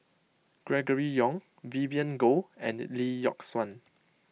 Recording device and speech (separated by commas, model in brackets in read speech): mobile phone (iPhone 6), read sentence